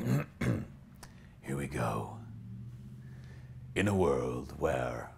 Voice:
dramatic announcer voice